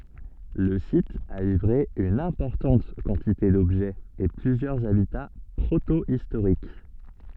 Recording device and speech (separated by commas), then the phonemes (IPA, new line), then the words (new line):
soft in-ear microphone, read sentence
lə sit a livʁe yn ɛ̃pɔʁtɑ̃t kɑ̃tite dɔbʒɛz e plyzjœʁz abita pʁotoistoʁik
Le site a livré une importante quantité d'objets et plusieurs habitats protohistoriques.